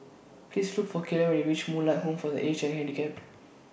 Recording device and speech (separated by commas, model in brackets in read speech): boundary microphone (BM630), read sentence